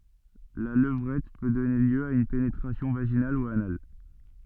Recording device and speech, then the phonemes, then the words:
soft in-ear microphone, read sentence
la ləvʁɛt pø dɔne ljø a yn penetʁasjɔ̃ vaʒinal u anal
La levrette peut donner lieu à une pénétration vaginale ou anale.

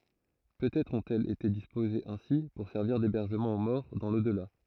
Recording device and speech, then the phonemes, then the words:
throat microphone, read sentence
pøtɛtʁ ɔ̃tɛlz ete dispozez ɛ̃si puʁ sɛʁviʁ debɛʁʒəmɑ̃ o mɔʁ dɑ̃ lodla
Peut-être ont-elles été disposées ainsi pour servir d'hébergement aux morts dans l'au-delà.

